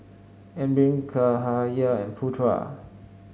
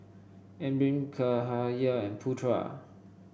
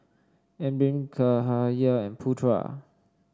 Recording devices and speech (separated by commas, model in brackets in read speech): mobile phone (Samsung S8), boundary microphone (BM630), standing microphone (AKG C214), read sentence